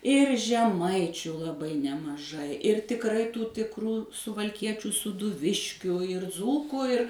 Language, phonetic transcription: Lithuanian, ir žeˈmaičiu laˈbai nemaˈžai ir tikˈrai ˈtų tikˈrų suvalˈkiečių sūduˈviškiu ir ˈdzūkų ir

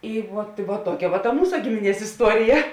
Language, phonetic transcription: Lithuanian, ˈi ˈvuot vuot ˈtuokia va ta ˈmūsa ˈgimiˌnies isˈtuorija

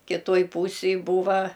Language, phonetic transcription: Lithuanian, kiˈtojˈ pūsėj ˈbūva

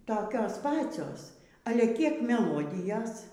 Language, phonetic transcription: Lithuanian, toˈkios ˈpacios ˈale ˈkiek meˈlodijas

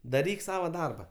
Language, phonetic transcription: Lithuanian, daˈryk ˈsava ˈdarba

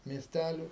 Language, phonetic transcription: Lithuanian, miesˈtæliu

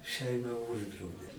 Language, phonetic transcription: Lithuanian, ˈšeima ˈuždraudė

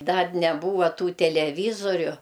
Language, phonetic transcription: Lithuanian, ˈdar neˈbūva ˈtų teleˈvyzoriu

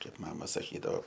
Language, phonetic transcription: Lithuanian, ˈkaip ˈmama saˈkydao

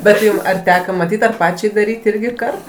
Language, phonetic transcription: Lithuanian, bet ˈjum ar ˈteka maˈtyt' ar ˈpačiai daˈryt' ˈirgi ˈkart

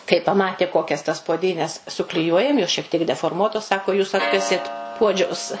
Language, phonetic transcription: Lithuanian, kai paˈmatė ˈkokias tas puoˈdynes sukliˈjuojam jos šiek tiek deforˈmuotos ˈsako jūs ˈatkasėt ˈpuodžiaus

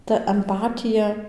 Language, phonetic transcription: Lithuanian, ta amˈpatija

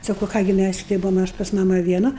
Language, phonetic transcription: Lithuanian, ˈsakau ˈką gi ˈmæs ˈšitai ˈbuvom ˈaš pas ˈmama vieˈna

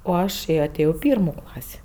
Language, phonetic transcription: Lithuanian, o ˈaš aˈtėjo i ˈpyrmų ˈklasį

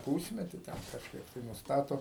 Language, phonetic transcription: Lithuanian, ˈpūsmeti ˈten kažˈkaip tai nusˈtato

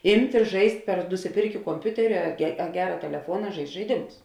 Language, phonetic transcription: Lithuanian, ˈimt' i ˈžaist' per nusiˈpirkė komˈpiuteri a a ˈgera teleˈfuona ˈžaist' žaiˈdimus

